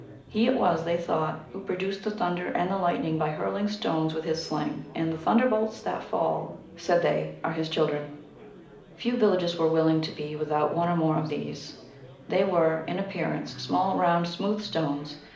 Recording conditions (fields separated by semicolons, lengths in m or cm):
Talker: one person; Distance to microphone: 2.0 m; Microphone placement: close; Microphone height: 99 cm; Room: medium-sized (5.7 m by 4.0 m); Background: babble